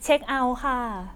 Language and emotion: Thai, neutral